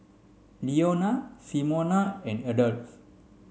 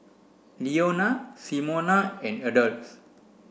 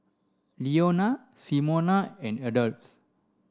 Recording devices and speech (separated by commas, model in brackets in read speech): mobile phone (Samsung C5), boundary microphone (BM630), standing microphone (AKG C214), read sentence